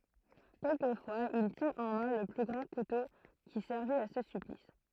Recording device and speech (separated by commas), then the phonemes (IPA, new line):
throat microphone, read sentence
kɛlkəfwaz il tjɛ̃t ɑ̃ mɛ̃ lə ɡʁɑ̃ kuto ki sɛʁvit a sə syplis